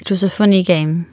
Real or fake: real